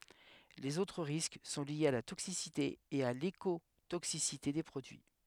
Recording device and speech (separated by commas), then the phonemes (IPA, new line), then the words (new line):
headset microphone, read sentence
lez otʁ ʁisk sɔ̃ ljez a la toksisite e a lekotoksisite de pʁodyi
Les autres risques sont liés à la toxicité et à l’écotoxicité des produits.